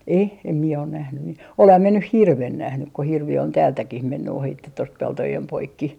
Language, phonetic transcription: Finnish, 'e , em mie on nähny mi- , 'oleham mie nyh "hirven 'nähnyk ko hirvi on "täältäkih 'menny ohitte tost 'peltojem 'poikki .
- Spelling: ei en minä ole nähnyt - olenhan minä nyt hirven nähnyt kun hirvi on täältäkin mennyt ohitse tuosta peltojen poikki

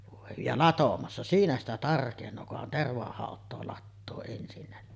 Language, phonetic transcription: Finnish, vòe , ja "latomassa , 'siinä ‿stä 'tarkeǹoo kuhan 'tervahàot̆too lattoo ensinnä ni .
- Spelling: voi ja latomassa siinä sitä tarkenee kunhan tervahautaa latoo ensinnä niin

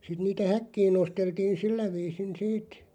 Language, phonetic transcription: Finnish, sit niitä "häkkiin 'nosteltiin "sillä 'viisin 'siit ,.
- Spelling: sitten niitä häkkiin nosteltiin sillä viisin siitä

